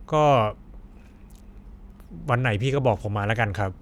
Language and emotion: Thai, frustrated